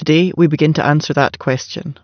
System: none